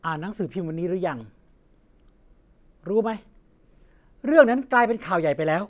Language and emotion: Thai, angry